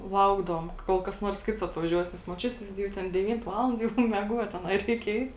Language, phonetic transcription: Lithuanian, ˈlaukdavom ˈkol kas ˈnuors kits atvaˈžiuos nes moˈčiut' ˈgi jau ˈten deˈvynt ˈvaland ˈjau meˈguot aˈnai ˈreik ˈeit

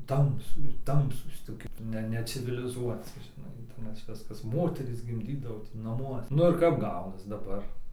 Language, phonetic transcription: Lithuanian, ˈtamsu ˈtamsūs toˈki ˈne neciviliˈzuoci žiˈnai nes ˈviskas ˈmoterys gimˈdydavo ti naˈmuose ˈnu ir kap ˈgaunas daˈbar

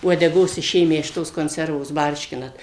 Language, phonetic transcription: Lithuanian, uodeˈgos iˈšėmę iš ˈtos konˈservos ˈbarškinat

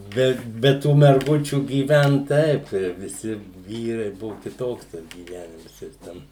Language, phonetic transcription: Lithuanian, ˈbe ˈbe ˈtų merˈgučių gyˈvent ˈtaip tie viˈsi ˈvyrai ˈbuvu kiˈtoks ˈtas gyˈvenims jis ˈten

